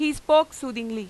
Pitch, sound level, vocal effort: 280 Hz, 95 dB SPL, very loud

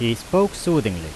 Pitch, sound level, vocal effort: 120 Hz, 88 dB SPL, loud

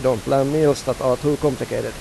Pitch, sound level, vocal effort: 135 Hz, 88 dB SPL, normal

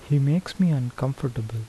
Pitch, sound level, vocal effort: 140 Hz, 76 dB SPL, soft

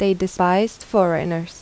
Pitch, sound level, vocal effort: 185 Hz, 82 dB SPL, normal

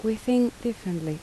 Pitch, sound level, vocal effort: 220 Hz, 76 dB SPL, soft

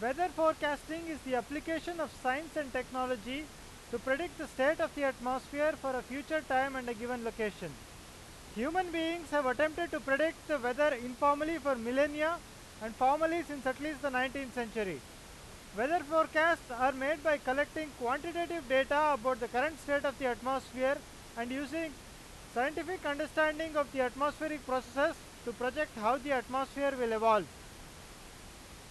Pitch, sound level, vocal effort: 275 Hz, 99 dB SPL, very loud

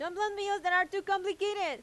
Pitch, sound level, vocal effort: 390 Hz, 97 dB SPL, very loud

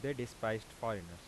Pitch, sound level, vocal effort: 110 Hz, 87 dB SPL, normal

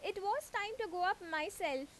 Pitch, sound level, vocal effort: 370 Hz, 90 dB SPL, very loud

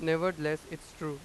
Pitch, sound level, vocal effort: 160 Hz, 94 dB SPL, loud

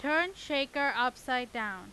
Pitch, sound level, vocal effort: 275 Hz, 95 dB SPL, very loud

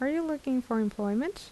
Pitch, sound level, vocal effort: 255 Hz, 78 dB SPL, soft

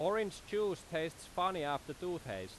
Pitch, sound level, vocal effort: 165 Hz, 93 dB SPL, very loud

